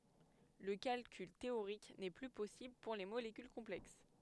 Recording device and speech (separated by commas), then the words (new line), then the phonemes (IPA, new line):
headset microphone, read sentence
Le calcul théorique n'est plus possible pour les molécules complexes.
lə kalkyl teoʁik nɛ ply pɔsibl puʁ le molekyl kɔ̃plɛks